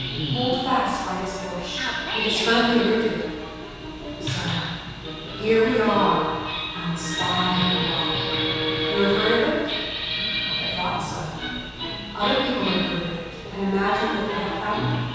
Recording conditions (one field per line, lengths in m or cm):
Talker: one person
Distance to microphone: 7.1 m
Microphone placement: far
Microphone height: 1.7 m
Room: very reverberant, large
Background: television